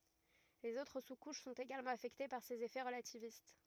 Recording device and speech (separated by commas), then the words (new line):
rigid in-ear microphone, read sentence
Les autres sous-couches sont également affectées par ces effets relativistes.